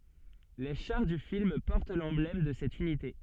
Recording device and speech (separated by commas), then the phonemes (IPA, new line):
soft in-ear microphone, read sentence
le ʃaʁ dy film pɔʁt lɑ̃blɛm də sɛt ynite